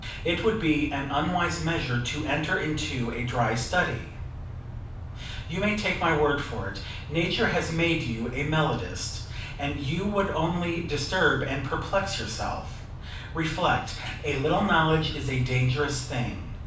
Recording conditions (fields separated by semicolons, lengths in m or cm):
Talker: one person; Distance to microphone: 5.8 m; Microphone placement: far; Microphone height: 1.8 m; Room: medium-sized (5.7 m by 4.0 m); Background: none